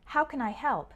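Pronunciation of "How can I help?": In "How can I help?", "can" sounds more like "kin".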